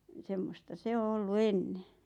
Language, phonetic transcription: Finnish, ni "semmosta 'se o "ollu "enne .
- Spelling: niin semmoista se on ollut ennen

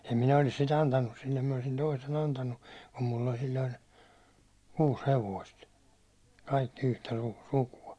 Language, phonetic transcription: Finnish, em 'minä olis sit 'antannus sillem minä olⁱsin 'toisen 'antannu , kum mull ‿oĺ sil̜l̜oin̬ , 'kuus 'hevoist , kaikki yhtä su- 'suku₍a .
- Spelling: en minä olisi sitä antanut sille minä olisin toisen antanut kun minulla oli silloin kuusi hevosta kaikki yhtä - sukua

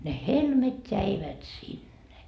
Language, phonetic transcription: Finnish, ne "helmet "jäivät "sinne .
- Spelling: ne helmet jäivät sinne

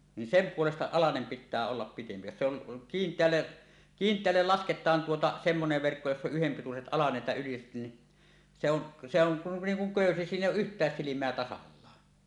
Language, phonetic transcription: Finnish, ni "sem 'puolesta alanem 'pit̆tää ollap pitempi , jos se ‿on , 'kiint̀eälle , "kiint̀eällel 'lasket̀aan tuota 'semmonev verkko joss ‿oˀ 'ˀyhempituset 'alaset ja yliset ni , se ‿on , se ‿oŋ ku , 'niiŋ kuŋ "kö̀ysi 'siin ‿’èij̆j ‿ooˀ "ˀyht̀ääs "silim̀eä 'tasallaa .
- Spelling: niin sen puolesta alanen pitää olla pidempi jos se on kiinteälle kiinteälle lasketaan tuota semmoinen verkko jossa on yhdenpituiset alaset ja yliset niin se on se on kuin niin kuin köysi siinä ei ole yhtään silmää tasallaan

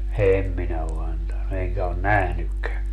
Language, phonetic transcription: Finnish, "em minä o 'antanu , 'eŋkä on "nähnykkää .
- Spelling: en minä ole antanut enkä ole nähnytkään

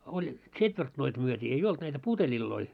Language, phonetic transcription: Finnish, oĺ , 'ts̆etvertnoit myöt́ii , ei 'olt näitä "puteĺilloi .
- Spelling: oli tsetvertnoit myytiin ei ollut näitä puteleita

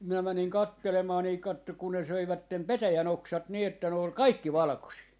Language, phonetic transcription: Finnish, minä 'mäniŋ 'kattelemaa nii , 'kattok kun ne 'söivättem "petäjä'n ‿oksat 'nii että ne ol "kaikki "valᵃkosii .
- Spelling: minä menin katselemaan niin katso kun ne söivät petäjän oksat niin että ne oli kaikki valkoisia

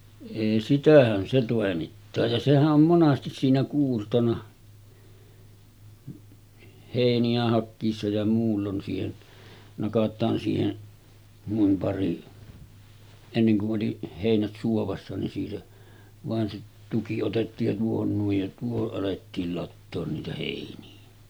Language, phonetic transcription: Finnish, èi 'sitähän se tòemittaa ja sehä’ ’om 'monastis siinä 'kuurtona , hèini₍ä hakkiissa ja muullon siihen , 'nakat̆taan siihen , nuim pari , enneŋ ku’ ’oli , hèinät 'suovassa nin siitä , vàen se 'tuki otettiij ja 'tuohon nuij ja 'tuohoˀ ˀalettiil lattoon niitä hèini₍ä .
- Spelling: ei sitähän se toimittaa ja sehän on monesti siinä kuurtona heiniä hakiessa ja muulloin siihen nakataan siihen noin pari ennen kun oli heinät suovassa niin siitä vain se tuki otettiin ja tuohon noin ja tuohon alettiin latoa niitä heiniä

